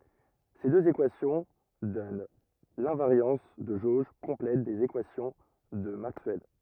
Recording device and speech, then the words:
rigid in-ear microphone, read sentence
Ces deux équations donnent l'invariance de jauge complète des équations de Maxwell.

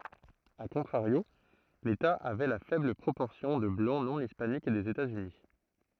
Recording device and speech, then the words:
throat microphone, read sentence
A contrario, l'État avait la faible proportion de Blancs non hispaniques des États-Unis.

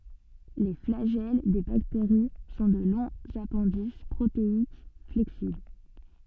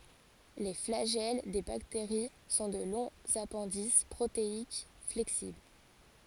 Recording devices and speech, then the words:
soft in-ear microphone, forehead accelerometer, read sentence
Les flagelles des bactéries sont de longs appendices protéiques flexibles.

